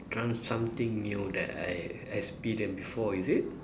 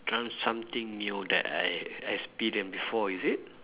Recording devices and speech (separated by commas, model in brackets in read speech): standing microphone, telephone, conversation in separate rooms